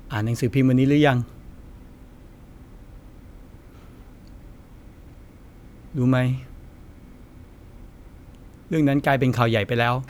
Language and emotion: Thai, sad